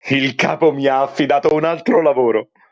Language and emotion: Italian, happy